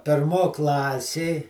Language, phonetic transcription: Lithuanian, pėrˈmo ˈklasė

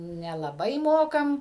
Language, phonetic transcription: Lithuanian, nelaˈbai ˈmokam

